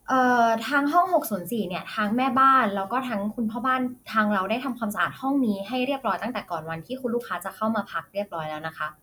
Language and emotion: Thai, neutral